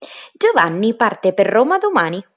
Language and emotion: Italian, happy